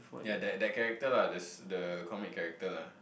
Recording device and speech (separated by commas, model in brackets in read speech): boundary microphone, conversation in the same room